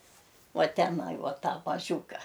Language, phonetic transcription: Lithuanian, ˈuo teˈnai ˈuo ˈtą maˈžiūka

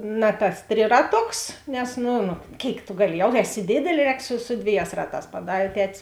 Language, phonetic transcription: Lithuanian, ˈna tas ˈtriraˌtoks nes ˈnu nu ˈkėik tu ˈgaˌli ˈjau ˈeˌsi ˈdėdelė ˈrēk su su ˈdvėˌjās ˈraˌtās paˈdarė ˈtetis

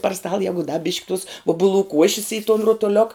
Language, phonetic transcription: Lithuanian, par stal ˈjegu da bišk' tus ˈubuˌlų ˈkuošis i ton rotoˈliok

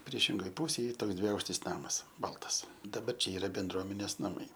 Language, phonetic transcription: Lithuanian, ˈpriešingoj ˈpūsėj ˈy ˈtoks dviˈaukštis ˈnamas ˈbaltas daˈbar ˈčia ˈyra benˈdruomenės naˈmai

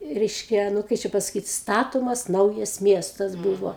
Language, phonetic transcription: Lithuanian, ˈreiškia ˈnu ˈkai čia pasaˈkyt ˈstatomas ˈnaujas ˈmiestas ˈbūvo

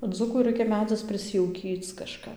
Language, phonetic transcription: Lithuanian, ˈdzūku ˈraikia ˈmedzis priˈsijaukyc kaˈžkap

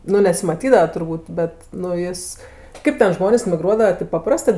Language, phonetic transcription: Lithuanian, ˈnu nesimaˈtydava turˈbūt ˈbet nu ˈjis ˈkaip ten ˈžmonės miˈgruodava tip paˈprastɜ

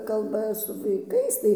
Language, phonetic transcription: Lithuanian, ˈkalba su vaiˈkais tai

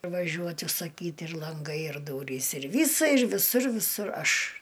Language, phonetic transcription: Lithuanian, vaˈžiuot' užsaˈkyt' ir lanˈgai ir ˈdūrys ir ˈvysa ir viˈsur viˈsur ˈaš

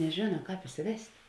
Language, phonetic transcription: Lithuanian, neˈžėna ˈkāp isiˈvest'

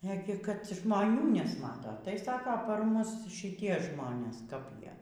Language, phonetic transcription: Lithuanian, ˈegi kad žmoˈnių nesˈmata tai ˈsako par ˈmus šiˈtie ˈžmonės kap ˈjie

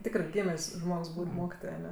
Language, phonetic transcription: Lithuanian, ˈtikrɜ ˈgymės' ˈžmogs ˈbūt' ˈmokitoj aˈne

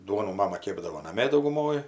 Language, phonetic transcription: Lithuanian, ˈduonų ˈmama ˈkėpdavo naˈmė dauguˈmoj

